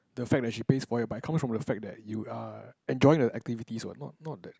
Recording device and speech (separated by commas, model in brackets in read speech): close-talking microphone, conversation in the same room